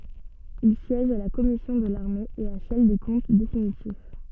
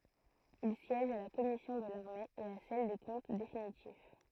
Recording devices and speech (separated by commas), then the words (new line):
soft in-ear microphone, throat microphone, read sentence
Il siège à la commission de l'armée et à celle des comptes définitifs.